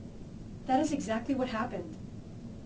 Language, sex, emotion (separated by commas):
English, female, neutral